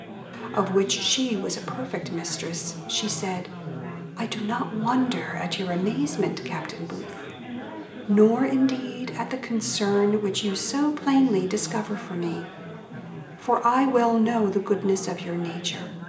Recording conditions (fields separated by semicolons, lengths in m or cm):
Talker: one person; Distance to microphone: 1.8 m; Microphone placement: close; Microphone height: 1.0 m; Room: large; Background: babble